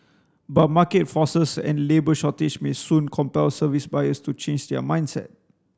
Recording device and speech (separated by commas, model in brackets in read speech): standing microphone (AKG C214), read sentence